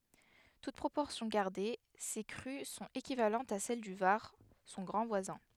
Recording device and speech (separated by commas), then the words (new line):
headset microphone, read sentence
Toutes proportions gardées, ces crues sont équivalentes à celles du Var, son grand voisin.